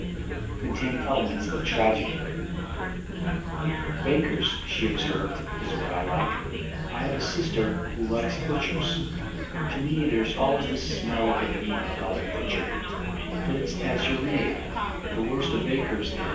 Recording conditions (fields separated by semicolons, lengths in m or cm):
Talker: one person; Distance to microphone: 9.8 m; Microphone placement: far; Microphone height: 1.8 m; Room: large; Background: babble